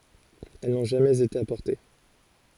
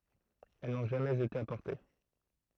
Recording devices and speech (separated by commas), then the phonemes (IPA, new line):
forehead accelerometer, throat microphone, read sentence
ɛl nɔ̃ ʒamɛz ete apɔʁte